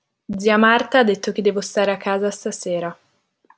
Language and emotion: Italian, neutral